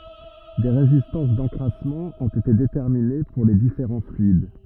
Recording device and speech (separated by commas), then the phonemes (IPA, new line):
rigid in-ear microphone, read sentence
de ʁezistɑ̃s dɑ̃kʁasmɑ̃ ɔ̃t ete detɛʁmine puʁ le difeʁɑ̃ flyid